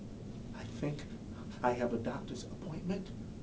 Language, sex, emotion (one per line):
English
male
fearful